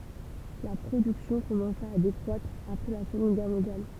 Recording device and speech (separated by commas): temple vibration pickup, read sentence